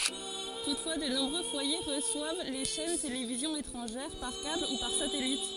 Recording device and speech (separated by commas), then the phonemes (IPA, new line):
forehead accelerometer, read sentence
tutfwa də nɔ̃bʁø fwaje ʁəswav le ʃɛn televizjɔ̃z etʁɑ̃ʒɛʁ paʁ kabl u paʁ satɛlit